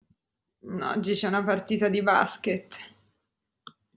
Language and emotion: Italian, disgusted